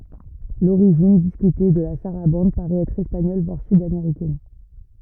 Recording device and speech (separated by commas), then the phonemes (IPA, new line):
rigid in-ear microphone, read sentence
loʁiʒin diskyte də la saʁabɑ̃d paʁɛt ɛtʁ ɛspaɲɔl vwaʁ sydameʁikɛn